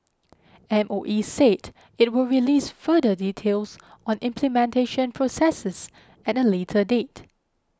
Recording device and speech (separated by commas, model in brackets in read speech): close-talking microphone (WH20), read sentence